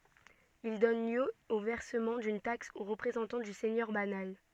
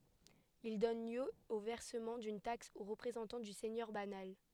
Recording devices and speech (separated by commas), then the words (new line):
soft in-ear microphone, headset microphone, read sentence
Il donne lieu au versement d'une taxe au représentant du seigneur banal.